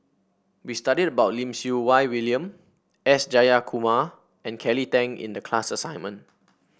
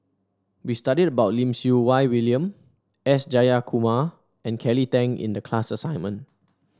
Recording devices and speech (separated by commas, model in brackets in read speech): boundary microphone (BM630), standing microphone (AKG C214), read sentence